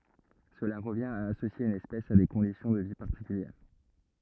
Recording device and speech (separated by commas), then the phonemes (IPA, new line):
rigid in-ear microphone, read sentence
səla ʁəvjɛ̃t a asosje yn ɛspɛs a de kɔ̃disjɔ̃ də vi paʁtikyljɛʁ